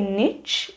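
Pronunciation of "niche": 'Niche' is pronounced incorrectly here.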